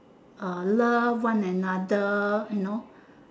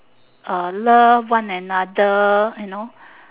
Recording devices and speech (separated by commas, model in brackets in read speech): standing microphone, telephone, conversation in separate rooms